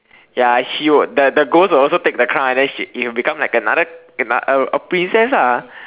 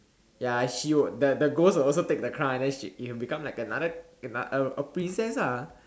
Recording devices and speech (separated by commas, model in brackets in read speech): telephone, standing microphone, conversation in separate rooms